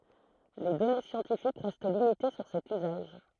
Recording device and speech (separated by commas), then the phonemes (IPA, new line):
throat microphone, read sentence
le dɔne sjɑ̃tifik ʁɛst limite syʁ sɛt yzaʒ